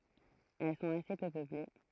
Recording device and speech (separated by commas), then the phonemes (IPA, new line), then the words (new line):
throat microphone, read sentence
ɛl sɔ̃t ase pø pøple
Elles sont assez peu peuplées.